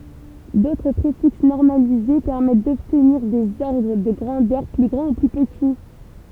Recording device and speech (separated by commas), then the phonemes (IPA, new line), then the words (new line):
temple vibration pickup, read sentence
dotʁ pʁefiks nɔʁmalize pɛʁmɛt dɔbtniʁ dez ɔʁdʁ də ɡʁɑ̃dœʁ ply ɡʁɑ̃ u ply pəti
D'autres préfixes normalisés permettent d'obtenir des ordres de grandeurs plus grands ou plus petits.